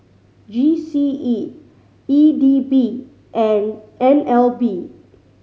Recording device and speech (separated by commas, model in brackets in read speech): mobile phone (Samsung C5010), read sentence